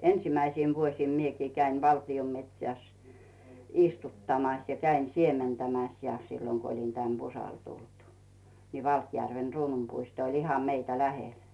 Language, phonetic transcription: Finnish, ensimmäisin vuosim 'miekii käiv 'valti₍om 'met́sä̀s , "istuttamas , ja 'käin "siementämäs ja 'silloŋ Go oĺin tän 'Busal tultᵘ , ni 'Valkjärven̬ 'Ruunumpuisto oĺ "iham 'meitä "lähel .
- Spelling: ensimmäisinä vuosina minäkin kävin valtion metsässä istuttamassa ja kävin siementämässä ja silloin kun olin tänne Pusalle tullut niin Valkjärven Kruununpuisto oli ihan meitä lähellä

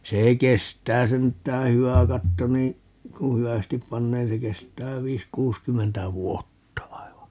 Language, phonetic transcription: Finnish, 'se 'kest̀ää 'sent̆tää "hy₍ä 'katto niḭ , 'ku "hy₍ästip 'pannee se 'kest̀ää 'viis "kuuskymmentä 'vuotta 'aiva .
- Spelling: se kestää sentään hyvä katto niin kun hyvästi panee se kestää viisi kuusikymmentä vuotta aivan

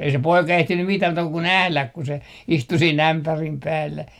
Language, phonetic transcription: Finnish, 'ei se "poika ehtinym 'mitäh muuta ku "nähläk ku se , 'istu siin'ⁿ ‿ämpärim 'päällä .
- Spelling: ei se poika ehtinyt mitään muuta kuin nähdä kun se istui siinä ämpärin päällä

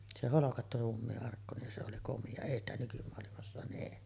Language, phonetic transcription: Finnish, 'se "holokattu 'ruummiiˀˀarkku se oli 'komi₍a "èi ‿stä nykymoalimassa 'neä .
- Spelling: se holkattu ruumisarkku se oli komea ei sitä nykymaailmassa näe

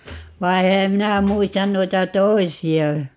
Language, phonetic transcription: Finnish, 'vai̮ "ehä 'minä "muistan 'nuita "toisi₍a .
- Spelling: vaan enhän minä muista noita toisia

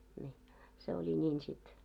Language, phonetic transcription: Finnish, ńii , se oĺi 'ńiin sit .
- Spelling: niin se oli niin sitten

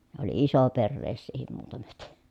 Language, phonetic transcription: Finnish, ja oli isoperrèi̮s̆siihim muutamet .
- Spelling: ja oli isoperheisiäkin muutamat

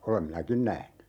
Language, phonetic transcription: Finnish, 'olem "minäkin 'nähny .
- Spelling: olen minäkin nähnyt

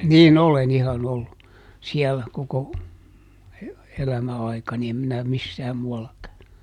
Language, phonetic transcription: Finnish, ˈnii"n ‿olen ‿ihan ‿ollu , ˈsiällä , ˈkoko , ˈelämä aikani em minä ˈmissääm ˈmu₍alla käy- .
- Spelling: niin olen ihan ollut siellä koko elämä aikani en minä missään muualla -

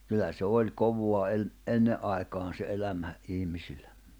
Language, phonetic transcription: Finnish, kyllä se 'òĺ 'kovo̭a en- , '’enne’ '’ai̬kaan̬ se 'elämä , ihmisilʟᴀ̈ .
- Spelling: kyllä se oli kovaa - ennen aikaan se elämä ihmisillä

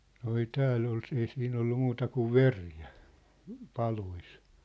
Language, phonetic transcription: Finnish, no ei 'tääll ‿ol , ei 'siin ‿ollu 'muuta kuv "verjä , 'palois .
- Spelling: no ei täällä ole ei siinä ollut muuta kuin veräjä paloissa

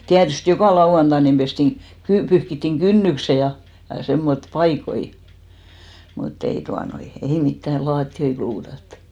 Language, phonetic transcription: Finnish, 'tiätyst "jokà 'lau₍anta nim 'ʙestiŋ ɢy- , 'pyhkittiŋ "ɢynnykse ja , (ja) semmot "paikoi , mut't ‿ei 'tuanoi , 'ei 'mittä "laatti₍oi kluutat .
- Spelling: tietysti joka lauantai niin pestiin - pyyhittiin kynnykset ja ja semmoisia paikkoja mutta ei tuota noin ei mitään lattioita kluutattu

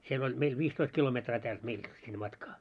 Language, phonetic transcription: Finnish, siel ‿oĺ meil 'viistoist 'kilometraa täält 'meilt , sinne 'matkaa .
- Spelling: siellä oli meillä viisitoista kilometriä täältä meiltä sinne matkaa

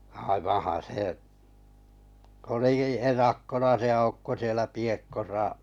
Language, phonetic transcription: Finnish, aivaa̰haa̰ sè , oliki 'erakkona se 'Aukko sielä 'Piekkosa , .
- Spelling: aivanhan se olikin erakkona se Aukko siellä Piekossa

